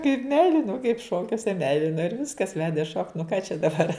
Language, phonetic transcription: Lithuanian, kaip ˈmeilino kaip ˈšokiuose ˈmeilino ir ˈviskas ˈvedė šokt nu ką čia daˈbar

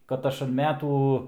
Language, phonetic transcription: Lithuanian, kad ˈaš an ˈmetų

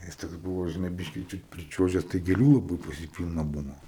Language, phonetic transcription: Lithuanian, ˈjis toks ˈbuvo žiˈnai ˈbiškį čiut priˈčiuožes tai gėˈlių laˈbɨi pas ˈjį ˈpylna ˈbuvo

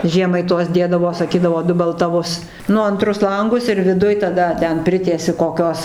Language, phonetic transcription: Lithuanian, ˈžiemai ˈtuos ˈdėdavo saˈkydavo dubeltaˈvus ˈnu anˈtrus ˈlangus ir viˈduj taˈda ˈten ˈpritiesi koˈkios

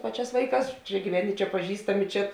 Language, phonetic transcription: Lithuanian, ˈpaˌčiās ˈvaiˌkās ˈčia gyˈveni ˈčia paˈžįstami ˈčia

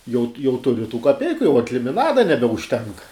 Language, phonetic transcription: Lithuanian, jaut jau tuˈri tų kaˈpeiku jau ant limiˈnada nebeužˈtenk

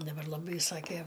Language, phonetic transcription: Lithuanian, daˈbar laˈbai ˈsakė

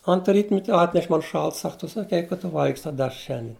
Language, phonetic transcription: Lithuanian, ant ˈrytmet' ˈatneš ˈman ˈšalta ˈsak ˈtu saˈkei kad ˈtu ˈvalgisi ˈtą ˈdešra ˈšiandien

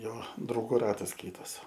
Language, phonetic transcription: Lithuanian, ˈjo drauˈgų ˈratas ˈkytas

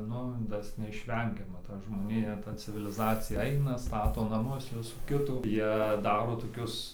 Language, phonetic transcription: Lithuanian, ˈnu ˈtas neišˈvengiama ˈta žmoˈnija ˈta civiliˈzacija ˈaina ˈstato naˈmus ˈvisų ˈkitų ˈjie ˈdaro toˈkius

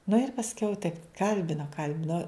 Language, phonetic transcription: Lithuanian, nu ir pasˈkiau taip ˈkalbino ˈkalbino

